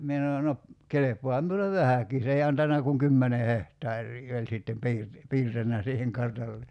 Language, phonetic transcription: Finnish, 'mie (s)ano » no , 'kelep̀oaham miulev "vähäki « 's ‿ei 'antanna kuŋ "kymmene 'hehtaar̀ii 'oĺ sittem 'piir- , 'piirtänä siiheŋ 'kartalle(sa) .
- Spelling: minä sanoin no kelpaahan minulle vähäkin se ei antanut kuin kymmenen hehtaaria oli sitten - piirtänyt siihen kartallensa

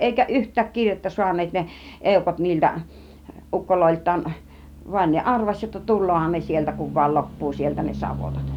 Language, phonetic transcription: Finnish, 'èikä "ˀyht̆tääk "kir͕jettä suan̆neet ne , "ˀèukot niiltä , 'ˀukkoloilt̆taan , van ne "ˀarvaś jotta "tul̆loohan ne 'sieltä kuv vàĭl 'lop̀puu sieltä ne 'savotat .
- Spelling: eikä yhtään kirjettä saaneet ne eukot niiltä ukoiltaan vaan ne arvasi jotta tuleehan ne sieltä kun vain loppuu sieltä ne savotat

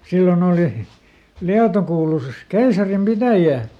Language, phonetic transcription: Finnish, ˈsillon ‿ooli , ˈLiato kuulusis "keisarim ˈpitäjää .
- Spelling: silloin oli Lieto kuului keisarin pitäjään

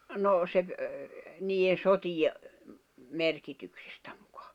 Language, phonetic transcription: Finnish, 'nò se ‿v- , niiʲen 'sotije , 'merkityksᴇstᴀ̈ ᴍᴜkᴀ .
- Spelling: no se - niiden sotien merkityksestä muka

